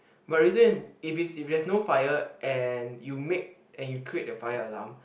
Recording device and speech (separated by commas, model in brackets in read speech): boundary microphone, conversation in the same room